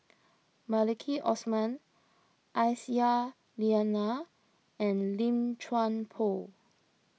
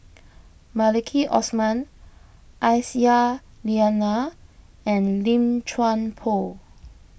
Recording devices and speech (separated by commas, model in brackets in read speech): mobile phone (iPhone 6), boundary microphone (BM630), read sentence